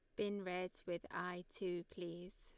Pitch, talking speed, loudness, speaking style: 180 Hz, 165 wpm, -45 LUFS, Lombard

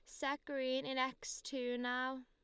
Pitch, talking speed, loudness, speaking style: 260 Hz, 175 wpm, -40 LUFS, Lombard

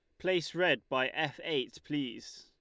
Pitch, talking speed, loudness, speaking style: 155 Hz, 165 wpm, -33 LUFS, Lombard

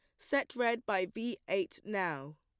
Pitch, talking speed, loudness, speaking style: 195 Hz, 165 wpm, -35 LUFS, plain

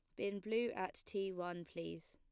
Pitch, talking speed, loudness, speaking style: 185 Hz, 190 wpm, -43 LUFS, plain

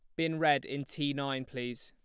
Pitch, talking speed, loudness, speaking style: 140 Hz, 220 wpm, -33 LUFS, plain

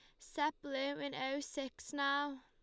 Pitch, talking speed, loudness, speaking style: 280 Hz, 160 wpm, -39 LUFS, Lombard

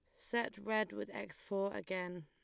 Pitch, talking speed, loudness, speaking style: 200 Hz, 175 wpm, -40 LUFS, Lombard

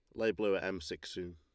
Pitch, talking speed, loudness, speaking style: 95 Hz, 315 wpm, -37 LUFS, Lombard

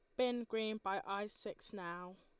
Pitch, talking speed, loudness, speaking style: 205 Hz, 180 wpm, -42 LUFS, Lombard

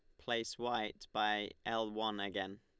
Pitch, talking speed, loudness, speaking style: 110 Hz, 150 wpm, -39 LUFS, Lombard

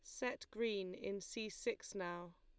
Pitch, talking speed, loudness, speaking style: 215 Hz, 165 wpm, -44 LUFS, Lombard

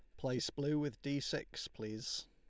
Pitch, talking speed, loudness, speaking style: 135 Hz, 175 wpm, -40 LUFS, Lombard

